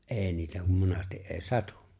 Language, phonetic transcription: Finnish, ’e̬e̬ niitä kum 'monasti’ '’e̬e̬ⁱ "satᴜ !
- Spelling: ei niitä kun monesti ei satu

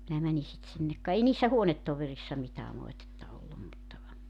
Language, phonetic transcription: Finnish, minä 'mäni sit 'sinnek ka 'ei niissä "huonettoverissa 'mitää 'moetetta 'ollum mutta ,.
- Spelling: minä menin sitten sinne ka ei niissä huonetovereissa mitään moitetta ollut mutta

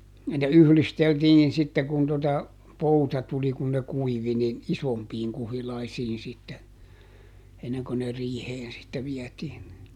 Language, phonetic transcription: Finnish, (ja ne) "yhlisteltiin ˈsitte kun tota , "pouta tuli kun ne ˈkuivi nin , "isompiiŋ ˈkuhilaisiin sitte , ˈenneŋko ne "riiheen sitte ˈviɛtiin (ne) .
- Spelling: ja ne yhdisteltiin sitten kun tuota pouta tuli kun ne kuivui niin isompiin kuhilaisiin sitten ennen kuin ne riiheen sitten vietiin ne

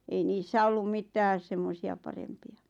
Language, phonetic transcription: Finnish, ei 'niissä ollum "mitääs 'semmosi₍a 'parempi₍a .
- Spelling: ei niissä ollut mitään semmoisia parempia

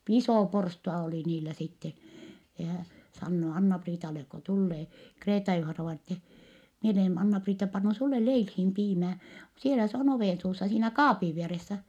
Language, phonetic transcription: Finnish, isò porstua olì niilä sitten̬ , ja hä , sannoo Anna-Priitalek ko tullee , Kreeta-Juhana-vaina ettɛ , » mie olen Anna-Priitta pannu sulle leilhiim piimää , sielä se on ovènsuussa - siinä kaapiv vieressä » .
- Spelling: iso porstua oli niillä sitten ja hän sanoo Anna-Priitalle kun tulee Kreeta-Juhanna-vainaja että minä olen Anna-Priitta pannut sinulle leiliin piimää siellä se on ovensuussa siinä kaapin vieressä

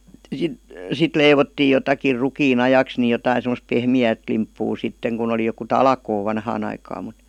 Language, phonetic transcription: Finnish, 'sit , 'sit "leivottii jotakir 'rukii'n ‿ajaks ni jotain̬ sem°s "pehmi₍äät limppuu 'sitteŋ kun ‿oli joku "talkoo 'vanhaan ‿aikaam mUt .
- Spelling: sitten sitten leivottiin jotakin rukiin ajaksi niin jotakin semmoista pehmeää limppua sitten kun oli joku talkoo vanhaan aikaan mutta

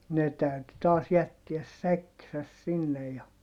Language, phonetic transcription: Finnish, ne täyty taas jättiäs säkkisäs sinnej ja ,.
- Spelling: ne täytyi taas jättää säkkinsä sinne ja

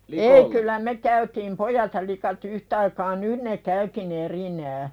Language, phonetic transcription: Finnish, ei kyllä me 'käytiim "pojat ja lika't ‿yhtaikaa "nyn ne käyki'n ‿erinää .
- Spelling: ei kyllä me käytiin pojat ja likat yhtaikaa nyt ne käykin erikseen

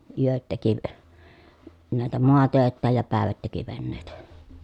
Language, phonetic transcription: Finnish, yöt teki , nä̀etä moatö̀ettääj ja pä̀evät teki vennèi̮tä .
- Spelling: yöt teki näitä maatöitään ja päivät teki veneitä

